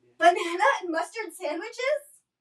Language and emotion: English, angry